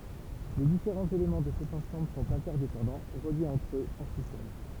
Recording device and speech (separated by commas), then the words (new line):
temple vibration pickup, read sentence
Les différents éléments de cet ensemble sont interdépendants, reliés entre eux en sous-sol.